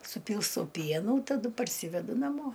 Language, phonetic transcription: Lithuanian, suˈpylstau ˈpienų taˈdu parˈsyvedu naˈmo

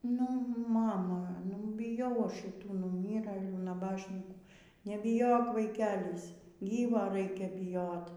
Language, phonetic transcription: Lithuanian, nu ˈmama nu biˈjau ˈaš šiˈtų nuˈmyrɘlių naˈbašnykų nebiˈjok vaiˈkelis ˈgyvo ˈraikia biˈjot

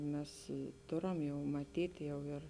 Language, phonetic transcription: Lithuanian, ˈmes ˈtoram jau maˈtyt' ˈjau ir

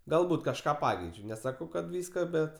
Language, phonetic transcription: Lithuanian, galˈbūt kažˈką ˈpakeičiu neˈsakau kad ˈvyska ˈbet

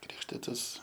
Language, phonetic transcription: Lithuanian, ˈkrikštitas

